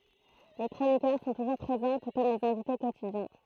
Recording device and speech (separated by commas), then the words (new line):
throat microphone, read sentence
Les chroniqueurs sont toujours présents, tout comme les invités quotidiens.